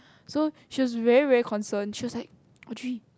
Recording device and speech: close-talking microphone, conversation in the same room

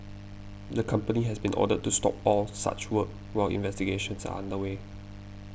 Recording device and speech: boundary microphone (BM630), read sentence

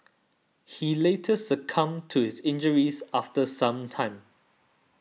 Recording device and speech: mobile phone (iPhone 6), read sentence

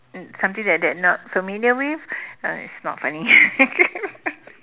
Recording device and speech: telephone, conversation in separate rooms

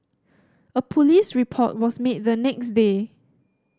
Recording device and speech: standing microphone (AKG C214), read sentence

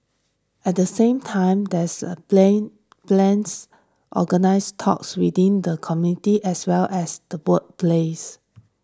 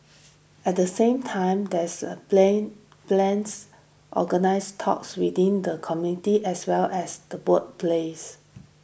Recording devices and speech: standing microphone (AKG C214), boundary microphone (BM630), read sentence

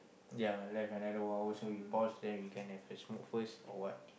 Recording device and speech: boundary microphone, conversation in the same room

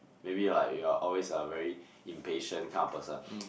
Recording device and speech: boundary microphone, conversation in the same room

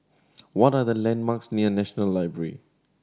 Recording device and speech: standing microphone (AKG C214), read sentence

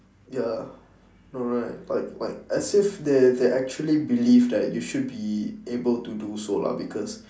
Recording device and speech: standing microphone, conversation in separate rooms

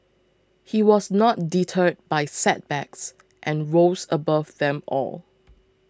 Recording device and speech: close-talking microphone (WH20), read sentence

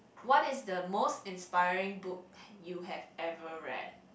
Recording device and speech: boundary microphone, conversation in the same room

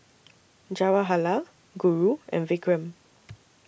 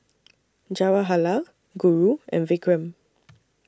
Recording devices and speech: boundary microphone (BM630), standing microphone (AKG C214), read sentence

